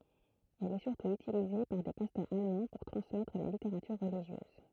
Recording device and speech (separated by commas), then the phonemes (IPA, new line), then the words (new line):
throat microphone, read sentence
ɛl ɛ syʁtu ytilize paʁ de pastœʁz almɑ̃ puʁ tʁɑ̃smɛtʁ la liteʁatyʁ ʁəliʒjøz
Elle est surtout utilisée par des pasteurs allemands pour transmettre la littérature religieuse.